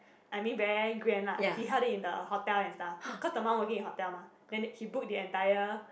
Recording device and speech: boundary microphone, conversation in the same room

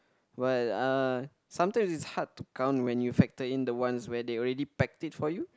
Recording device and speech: close-talking microphone, conversation in the same room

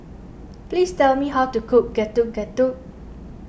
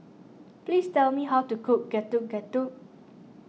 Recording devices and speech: boundary microphone (BM630), mobile phone (iPhone 6), read sentence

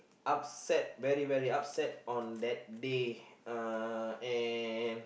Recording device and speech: boundary microphone, conversation in the same room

